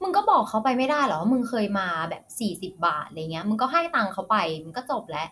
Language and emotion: Thai, frustrated